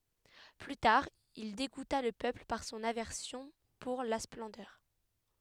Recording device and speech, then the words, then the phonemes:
headset microphone, read sentence
Plus tard, il dégoûta le peuple par son aversion pour la splendeur.
ply taʁ il deɡuta lə pøpl paʁ sɔ̃n avɛʁsjɔ̃ puʁ la splɑ̃dœʁ

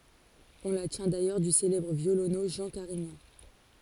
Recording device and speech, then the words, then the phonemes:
forehead accelerometer, read sentence
On la tient d’ailleurs du célèbre violoneux Jean Carignan.
ɔ̃ la tjɛ̃ dajœʁ dy selɛbʁ vjolonø ʒɑ̃ kaʁiɲɑ̃

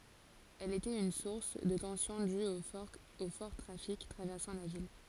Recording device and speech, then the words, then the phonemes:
forehead accelerometer, read sentence
Elle était une source de tensions dues au fort trafic traversant la ville.
ɛl etɛt yn suʁs də tɑ̃sjɔ̃ dyz o fɔʁ tʁafik tʁavɛʁsɑ̃ la vil

